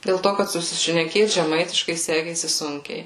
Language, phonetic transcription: Lithuanian, dėl ˈto kad susišneˈkėt žeˈmaitiškai ˈsekėsi ˈsunkiai

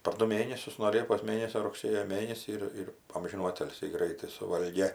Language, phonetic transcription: Lithuanian, par ˈdu ˈmėnesius nuo ˈliepos ˈmėnesio rugˈsėjo ˈmėnesį ir ˈir ˈamžinų ˈatilsį ˈgraitai suˈvalgė

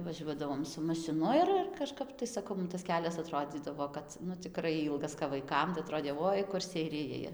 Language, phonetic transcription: Lithuanian, vaˈžiuodavom su mašiˈnu ir ir kaˈžkap tai saˈkau mum tas ˈkelias aˈtrodzydavo ˈkad nu ciˈkrai ˈylgas kap vaiˈkam tai aˈtrodė ˈvoi kur seiˈrijai

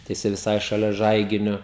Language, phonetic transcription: Lithuanian, tai jiˈsai viˈsai šaˈlia ˈžaiginiu

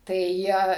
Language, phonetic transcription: Lithuanian, tai ˈjie

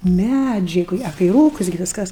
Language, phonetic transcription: Lithuanian, ˈmædžiai koˈkie a kai ˈrūkus gi ˈviskas

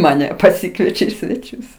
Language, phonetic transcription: Lithuanian, maˈne paˈsikviečia į sveˈčius

